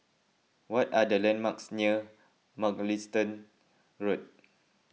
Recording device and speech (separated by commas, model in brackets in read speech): mobile phone (iPhone 6), read sentence